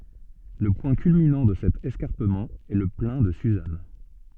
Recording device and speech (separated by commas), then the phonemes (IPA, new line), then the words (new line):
soft in-ear microphone, read sentence
lə pwɛ̃ kylminɑ̃ də sɛt ɛskaʁpəmɑ̃ ɛ lə plɛ̃ də syzan
Le point culminant de cet escarpement est le Plain de Suzâne.